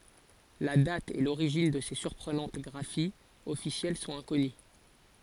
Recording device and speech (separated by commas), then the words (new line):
forehead accelerometer, read sentence
La date et l'origine de ces surprenantes graphies officielles sont inconnues.